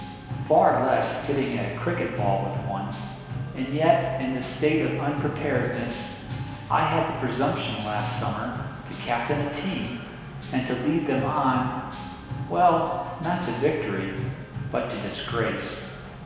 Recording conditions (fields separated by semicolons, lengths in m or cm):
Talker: one person; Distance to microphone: 1.7 m; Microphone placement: close; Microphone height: 1.0 m; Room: very reverberant, large; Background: music